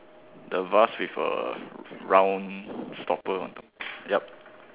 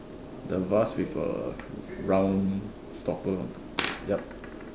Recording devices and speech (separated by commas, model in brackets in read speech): telephone, standing microphone, conversation in separate rooms